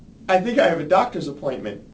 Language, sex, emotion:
English, male, neutral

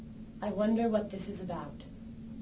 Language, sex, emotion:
English, female, neutral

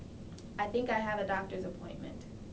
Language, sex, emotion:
English, female, neutral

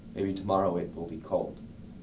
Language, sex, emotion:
English, male, neutral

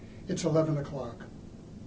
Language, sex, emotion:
English, male, neutral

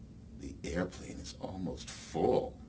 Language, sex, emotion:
English, male, neutral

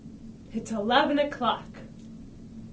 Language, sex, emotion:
English, female, happy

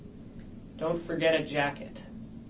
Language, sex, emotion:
English, male, neutral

